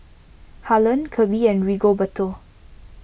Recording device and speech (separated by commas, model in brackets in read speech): boundary microphone (BM630), read sentence